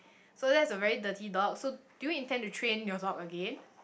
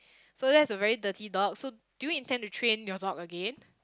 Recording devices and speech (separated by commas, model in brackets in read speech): boundary microphone, close-talking microphone, conversation in the same room